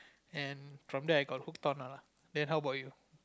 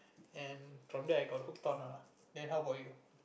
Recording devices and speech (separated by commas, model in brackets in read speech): close-talking microphone, boundary microphone, conversation in the same room